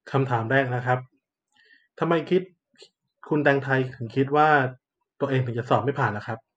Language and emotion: Thai, neutral